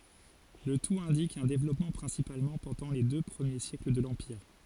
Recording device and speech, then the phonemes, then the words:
forehead accelerometer, read sentence
lə tut ɛ̃dik œ̃ devlɔpmɑ̃ pʁɛ̃sipalmɑ̃ pɑ̃dɑ̃ le dø pʁəmje sjɛkl də lɑ̃piʁ
Le tout indique un développement principalement pendant les deux premiers siècles de l'empire.

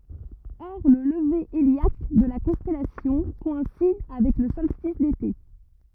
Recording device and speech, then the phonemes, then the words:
rigid in-ear microphone, read sentence
ɔʁ lə ləve eljak də la kɔ̃stɛlasjɔ̃ kɔɛ̃sid avɛk lə sɔlstis dete
Or le lever héliaque de la constellation coïncide avec le solstice d'été.

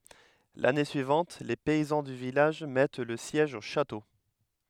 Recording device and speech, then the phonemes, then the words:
headset microphone, read sentence
lane syivɑ̃t le pɛizɑ̃ dy vilaʒ mɛt lə sjɛʒ o ʃato
L'année suivante, les paysans du village mettent le siège au château.

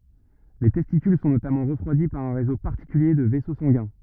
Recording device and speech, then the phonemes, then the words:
rigid in-ear microphone, read sentence
le tɛstikyl sɔ̃ notamɑ̃ ʁəfʁwadi paʁ œ̃ ʁezo paʁtikylje də vɛso sɑ̃ɡɛ̃
Les testicules sont notamment refroidis par un réseau particulier de vaisseaux sanguins.

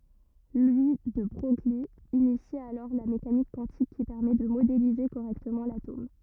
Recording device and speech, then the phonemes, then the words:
rigid in-ear microphone, read sentence
lwi də bʁœj yi inisi alɔʁ la mekanik kwɑ̃tik ki pɛʁmɛ də modelize koʁɛktəmɑ̃ latom
Louis de Broglie initie alors la mécanique quantique qui permet de modéliser correctement l'atome.

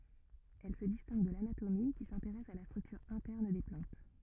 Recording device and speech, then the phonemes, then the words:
rigid in-ear microphone, read sentence
ɛl sə distɛ̃ɡ də lanatomi ki sɛ̃teʁɛs a la stʁyktyʁ ɛ̃tɛʁn de plɑ̃t
Elle se distingue de l'anatomie, qui s'intéresse à la structure interne des plantes.

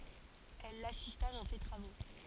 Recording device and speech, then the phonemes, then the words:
forehead accelerometer, read sentence
ɛl lasista dɑ̃ se tʁavo
Elle l’assista dans ses travaux.

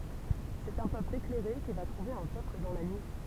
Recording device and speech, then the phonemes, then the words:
temple vibration pickup, read sentence
sɛt œ̃ pøpl eklɛʁe ki va tʁuve œ̃ pøpl dɑ̃ la nyi
C’est un peuple éclairé qui va trouver un peuple dans la nuit.

